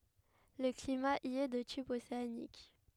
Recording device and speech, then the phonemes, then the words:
headset microphone, read sentence
lə klima i ɛ də tip oseanik
Le climat y est de type océanique.

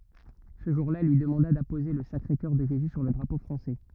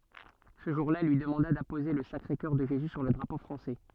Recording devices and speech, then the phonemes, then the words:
rigid in-ear microphone, soft in-ear microphone, read sentence
sə ʒuʁ la ɛl lyi dəmɑ̃da dapoze lə sakʁe kœʁ də ʒezy syʁ lə dʁapo fʁɑ̃sɛ
Ce jour-là, elle lui demanda d'apposer le Sacré-Coeur de Jésus sur le drapeau français.

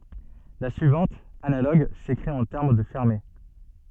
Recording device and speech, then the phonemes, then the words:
soft in-ear microphone, read sentence
la syivɑ̃t analoɡ sekʁit ɑ̃ tɛʁm də fɛʁme
La suivante, analogue, s'écrit en termes de fermés.

